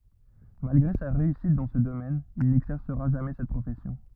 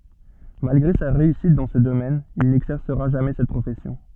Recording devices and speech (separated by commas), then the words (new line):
rigid in-ear microphone, soft in-ear microphone, read sentence
Malgré sa réussite dans ce domaine, il n’exercera jamais cette profession.